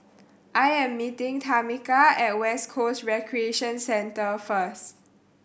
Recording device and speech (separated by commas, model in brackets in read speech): boundary microphone (BM630), read sentence